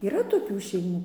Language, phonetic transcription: Lithuanian, yˈra toˈkių šeiˈmų

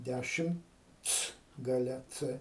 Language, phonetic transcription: Lithuanian, ˈdæšimc gaˈle ˈcɘ

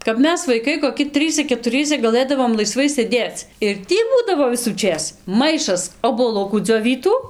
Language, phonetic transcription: Lithuanian, kap ˈmes vaiˈkai koˈki ˈtrɨse ketuˈriesa gaˈlɘdavom laiˈsvai sėˈdėc ir ˈtį ˈbūdavo visųˈčės ˈmaišas obuoˈlukų dzioˈvytų

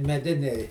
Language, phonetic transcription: Lithuanian, meˈdiniai

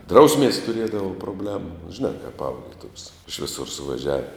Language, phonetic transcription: Lithuanian, ˈdrausmies tuˈriedavo proˈblemu žiˈnā kap ˈauklie tuok's iš viˈsur suvaˈžiavi

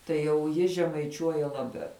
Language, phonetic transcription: Lithuanian, tai jau ˈji žemaiˈčiuoja laˈbiau

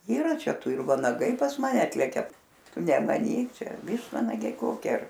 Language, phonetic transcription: Lithuanian, yˈra ˈčia ˈtu ir vanaˈgai pas maˈne ˈatlekia ˈtu nemaˈnyk ˈčia ˈvyštvanagiai ˈkoki ar

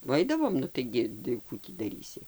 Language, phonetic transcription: Lithuanian, va ˈaidavom nu ˈtaigi tai ˈkų tį daˈrysi

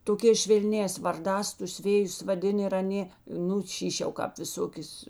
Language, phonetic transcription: Lithuanian, toˈkēs švelˈnēs varˈdās tus ˈvėjus vaˈdin ir aˈnė ˈnu ˈšyš' jau ˈkāp viˈsokės

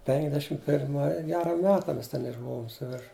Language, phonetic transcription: Lithuanian, penkˈdešim pirˈmai ˈgera ˈmeta ˈmes ˈten išˈbuvom suˈvirš

